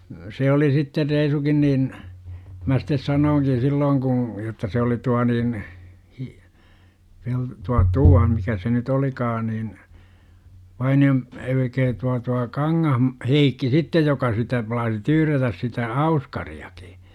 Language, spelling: Finnish, se oli sitten reisunkin niin minä sitten sanoinkin silloin kun jotta se oli tuo niin - - tuo tuo mikä se nyt olikaan niin Vainio - älkää tuo tuo - Heikki sitten joka sitä plaasi tyyrätä sitä auskariakin.
- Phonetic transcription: 'se oli sitte 'reisukin niin , mä sittes "sanooŋkin̬ 'sillooŋ ku , jotta se oli 'tua niin , Hi- , Pel- , tua "tua 'mikä se nyt 'olikaa nin , 'Vaini₍o m , elkää tua tua "Kaŋŋahm- , "-Heikki sittej 'joka sitä plaasi "tyyrätäs sitä "auskari₍akI .

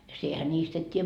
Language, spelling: Finnish, ja sinähän niistä et tiedä
- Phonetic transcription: ja siehä 'ńiist ‿et t́iijä .

